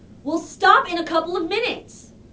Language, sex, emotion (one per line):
English
female
angry